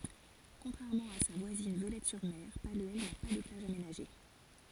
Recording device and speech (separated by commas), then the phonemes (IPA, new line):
forehead accelerometer, read sentence
kɔ̃tʁɛʁmɑ̃ a sa vwazin vølɛtɛsyʁme palyɛl na pa də plaʒ amenaʒe